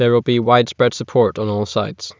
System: none